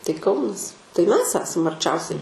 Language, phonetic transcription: Lithuanian, tai ˈkaunas tai ˈmes ˈesam arˈčiausiai

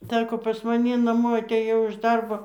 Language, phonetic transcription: Lithuanian, ˈsako pas maˈni naˈmo atėˈjau iš ˈdarbo

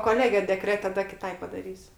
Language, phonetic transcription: Lithuanian, koˈlege deˈkrete taˈda kiˈtai padaˈrysiu

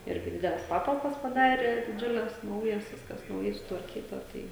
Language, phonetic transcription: Lithuanian, ˈirgi ˈdideles ˈpatalpas paˈdarė diˈdžiules ˈnaujas ˈviskas nauˈjai sutvarˈkyta ˈtai

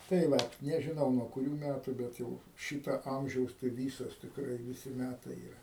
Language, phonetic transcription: Lithuanian, tai ˈvat nežiˈnau nuo kuˈrių ˈmætu ˈbet jau ˈšyta ˈamžiaus tai ˈvysos tikˈrai viˈsi ˈmætai yˈra

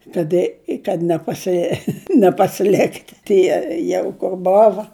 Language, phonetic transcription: Lithuanian, kad ˈi kad nepaˈsi nepasiˈlikt' ˈtie ˈjau kur ˈbova

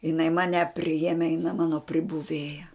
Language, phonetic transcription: Lithuanian, jiˈnai ˈmane priˈjeme jiˈna ˈmano pribuˈvėja

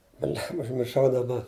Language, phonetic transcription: Lithuanian, ˈblemba užmirˈšau daˈba

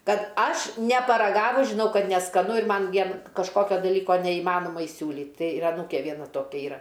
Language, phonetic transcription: Lithuanian, ˈkad ˈaš neparaˈgavus žiˈnau ˈkad neskaˈnu ir ˈman ˈvien kažˈkokio daˈlyko neįˈmanoma iˈsiūlyt ˈtai ir aˈnūkė ˈviena ˈtokia ˈyra

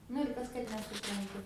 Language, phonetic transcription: Lithuanian, nu ir ˈkas kad nesupranˈtu

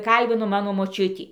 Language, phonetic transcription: Lithuanian, ˈkalbino ˈmano moˈčiutį

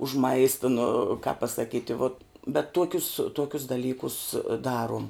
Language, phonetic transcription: Lithuanian, už ˈmaista nu kap pasaˈkyti vot bet ˈtuokius ˈtuokius daˈlykus ˈdaruom

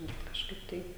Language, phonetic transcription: Lithuanian, bet kažˈkaip tai

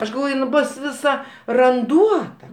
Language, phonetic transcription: Lithuanian, ˈaš galˈvoj in ˈbos viˈsa ranˈduota

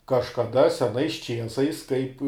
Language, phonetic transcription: Lithuanian, kažkaˈda seˈnais ˈčiesais kaip

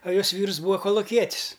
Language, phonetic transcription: Lithuanian, a ˈjos ˈvyrs ˈbūa koluˈkietis

